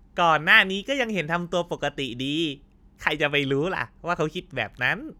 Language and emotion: Thai, happy